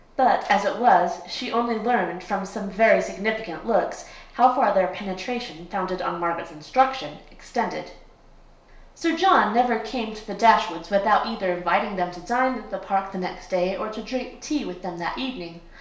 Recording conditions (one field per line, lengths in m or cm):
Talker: one person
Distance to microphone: 1.0 m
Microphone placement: close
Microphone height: 1.1 m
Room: small (3.7 m by 2.7 m)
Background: none